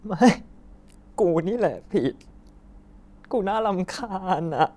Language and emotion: Thai, sad